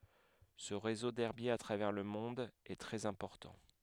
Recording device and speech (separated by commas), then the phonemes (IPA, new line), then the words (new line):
headset microphone, read sentence
sə ʁezo dɛʁbjez a tʁavɛʁ lə mɔ̃d ɛ tʁɛz ɛ̃pɔʁtɑ̃
Ce réseau d'herbiers à travers le monde est très important.